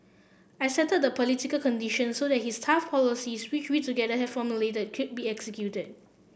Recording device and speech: boundary microphone (BM630), read sentence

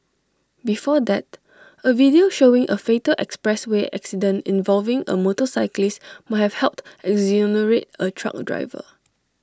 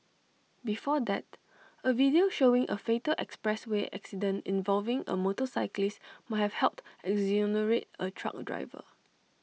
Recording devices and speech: standing microphone (AKG C214), mobile phone (iPhone 6), read sentence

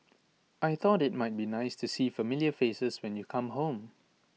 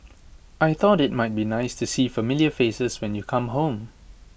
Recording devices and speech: mobile phone (iPhone 6), boundary microphone (BM630), read sentence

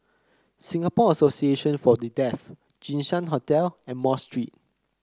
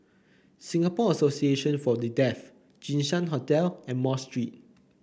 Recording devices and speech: close-talking microphone (WH30), boundary microphone (BM630), read sentence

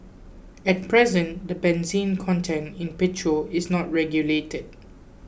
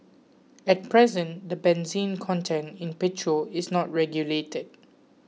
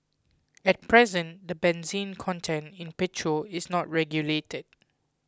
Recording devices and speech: boundary microphone (BM630), mobile phone (iPhone 6), close-talking microphone (WH20), read sentence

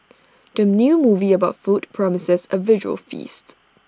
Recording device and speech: standing microphone (AKG C214), read sentence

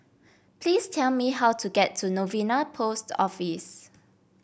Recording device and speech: boundary microphone (BM630), read sentence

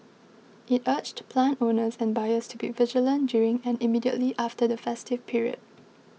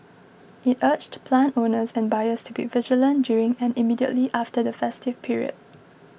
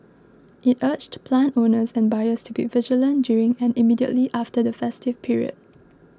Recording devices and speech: mobile phone (iPhone 6), boundary microphone (BM630), close-talking microphone (WH20), read sentence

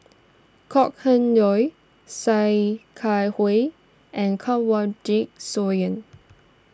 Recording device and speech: standing microphone (AKG C214), read sentence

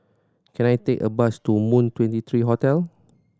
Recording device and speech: standing microphone (AKG C214), read sentence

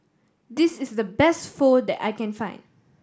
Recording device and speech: standing microphone (AKG C214), read sentence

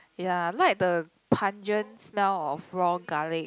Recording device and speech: close-talking microphone, conversation in the same room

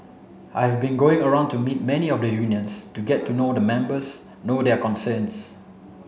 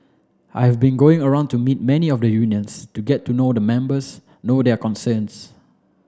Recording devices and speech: mobile phone (Samsung C7), standing microphone (AKG C214), read sentence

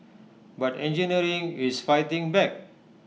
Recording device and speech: mobile phone (iPhone 6), read sentence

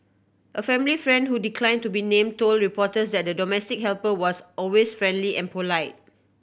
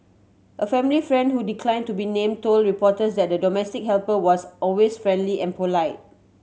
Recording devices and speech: boundary microphone (BM630), mobile phone (Samsung C7100), read sentence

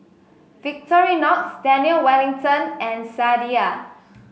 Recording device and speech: mobile phone (Samsung S8), read sentence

